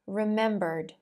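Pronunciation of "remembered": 'remembered' is said the American English way: the r near the end is pronounced, and a d sound follows it.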